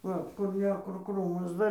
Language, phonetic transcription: Lithuanian, ˈva kur ˈne kur ˈkrūmas ˈdar

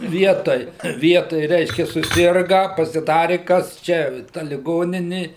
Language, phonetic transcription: Lithuanian, ˈvietoj ˈvietoj ˈreiškia suˈsirga pasiˈdari ˈkas ˈčia ta liˈgonini

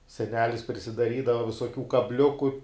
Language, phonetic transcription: Lithuanian, seˈnelis prisidaˈrydava visoˈkių kabˈliuku

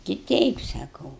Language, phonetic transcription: Lithuanian, ti ˈteip saˈkau

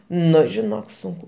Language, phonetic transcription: Lithuanian, ˈnu žiˈnok ˈsunku

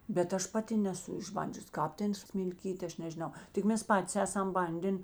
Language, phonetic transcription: Lithuanian, bet ˈaš ˈpaˌti neˈsu išˈbandžius ˈkāp ˈten smilˈkyt' ˈaš nežiˈnau tik ˈmes ˈpatis ˈesam ˈbandėn

